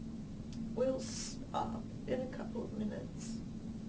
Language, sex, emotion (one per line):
English
female
sad